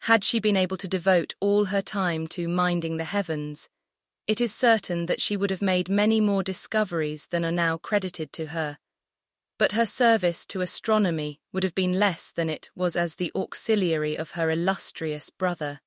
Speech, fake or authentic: fake